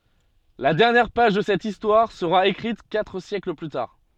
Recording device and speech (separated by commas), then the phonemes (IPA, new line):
soft in-ear microphone, read sentence
la dɛʁnjɛʁ paʒ də sɛt istwaʁ səʁa ekʁit katʁ sjɛkl ply taʁ